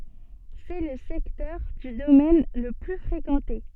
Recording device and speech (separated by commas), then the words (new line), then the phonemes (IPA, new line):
soft in-ear microphone, read sentence
C'est le secteur du domaine le plus fréquenté.
sɛ lə sɛktœʁ dy domɛn lə ply fʁekɑ̃te